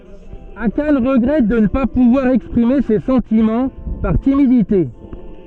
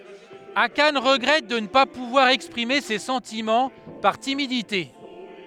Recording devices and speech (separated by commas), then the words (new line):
soft in-ear microphone, headset microphone, read sentence
Akane regrette de ne pas pouvoir exprimer ses sentiments, par timidité.